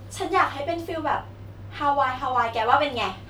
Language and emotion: Thai, happy